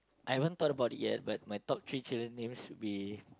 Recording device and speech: close-talking microphone, conversation in the same room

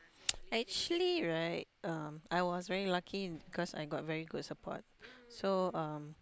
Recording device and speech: close-talking microphone, conversation in the same room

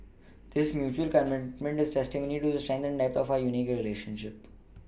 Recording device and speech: boundary microphone (BM630), read sentence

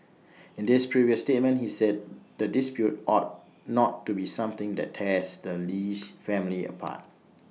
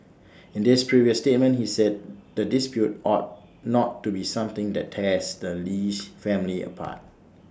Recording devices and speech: mobile phone (iPhone 6), standing microphone (AKG C214), read sentence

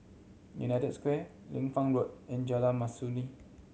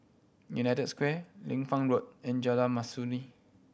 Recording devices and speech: mobile phone (Samsung C7100), boundary microphone (BM630), read sentence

